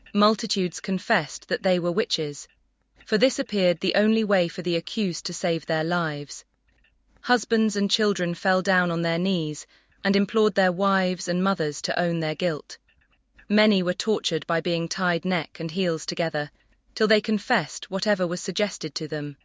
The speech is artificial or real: artificial